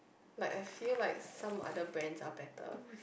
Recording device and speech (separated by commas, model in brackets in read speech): boundary microphone, conversation in the same room